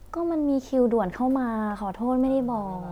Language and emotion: Thai, frustrated